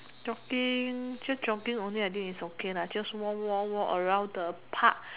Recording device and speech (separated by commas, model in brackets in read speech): telephone, conversation in separate rooms